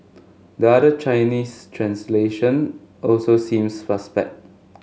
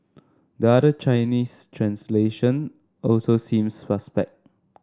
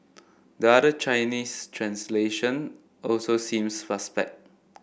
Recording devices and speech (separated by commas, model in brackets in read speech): mobile phone (Samsung S8), standing microphone (AKG C214), boundary microphone (BM630), read sentence